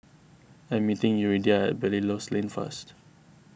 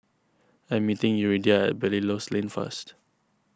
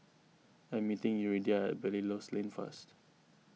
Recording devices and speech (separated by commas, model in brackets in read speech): boundary microphone (BM630), close-talking microphone (WH20), mobile phone (iPhone 6), read sentence